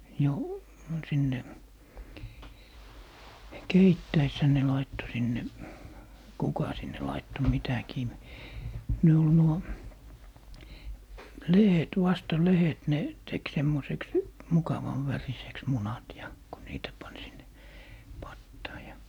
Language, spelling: Finnish, jo sinne keittäessähän ne laittoi sinne kuka sinne laittoi mitäkin ne oli nuo lehdet vasta lehdet ne teki semmoiseksi mukavan väriseksi munat ja kun niitä pani sinne pataan ja
- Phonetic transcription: 'jo , 'sinne , "keittäishä ne 'laitto 'sinne , 'kuka 'sinne laitto 'mitäkii , 'ne ol 'nuo , "lehet 'vasta "lehet ne , 'tek 'semmoseks , "mukavan 'väriseks , 'munat ja , ko 'niitä pan sinne , 'pattaa ja .

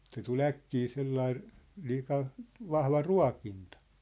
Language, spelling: Finnish, se tuli äkkiä sellainen liika vahva ruokinta
- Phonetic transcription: se tul "äkkii 'sellai , 'liika , "vahva "rua̭kintᴀ .

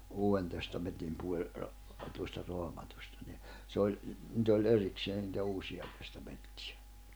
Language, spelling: Finnish, Uuden Testamentin puoli tuosta Raamatusta niin se oli niitä oli erikseen niitä Uusia Testamentteja
- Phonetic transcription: 'Uu₍en Testamentim puoĺ , tuosta 'Roamatusta ni , 'se oĺ , nⁱt ‿oĺ 'erikseen nⁱtä 'Uusi₍a Testaᴍᴇɴttɪᴊᴀ .

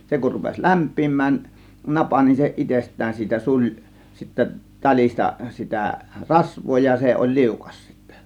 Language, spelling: Finnish, se kun rupesi lämpenemään napa niin se itsestään siitä suli sitten talista sitä rasvaa ja se oli liukas sitten
- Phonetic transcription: 'se kur rupes "lämp̆piim̆mään , "napa nin se "itest̆tään siitä "suĺ , sittä 'taĺista sitä , "rasv̆voo ja 'se oĺ "liukas sittÄ .

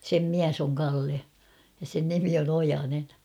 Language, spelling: Finnish, sen mies on Kalle ja sen nimi on Ojanen
- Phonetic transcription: sem "miäs ‿oŋ 'Kalle , ja sen nimi on ‿'Ojanen .

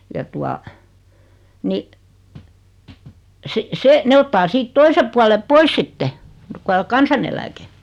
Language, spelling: Finnish, ja tuota niin - se ne ottaa siitä toisen puolen pois sitten kun - kansaneläke mm
- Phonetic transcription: ja tua , ni , 'si- 'se , 'ne ottaa 'siit "toise puale "pois sitte , (ku al-) 'kansaneläke , 'm̥ .

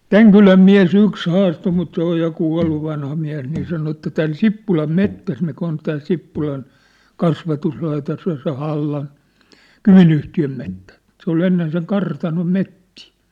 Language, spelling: Finnish, tämän kylän mies yksi haastoi mutta se on ja kuollut vanha mies niin sanoi että tämän Sippulan metsässä mikä on tämä Sippulan kasvatuslaitos ja se Hallan Kymi-yhtiön metsä mutta se oli ennen sen kartanon metsiä
- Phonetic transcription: täŋ "kyläm "miä̭"s ‿yks 'haastoo mut se ‿oj ja 'kua̭llu vanha miä̭s nii sano että 'tän "Sippulam "mettäs mikä on tää 'Sippulan , 'kasvatuslaitos ja se 'Hallan̬ , 'Kymin̳yhti₍öm mettä , ᵐŭt se ‿ol ennen seŋ 'kartanom 'mettii .

